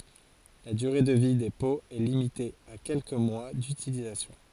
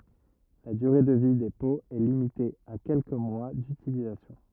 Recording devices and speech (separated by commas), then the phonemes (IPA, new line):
forehead accelerometer, rigid in-ear microphone, read sentence
la dyʁe də vi de poz ɛ limite a kɛlkə mwa dytilizasjɔ̃